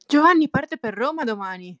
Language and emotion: Italian, happy